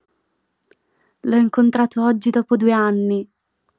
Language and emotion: Italian, happy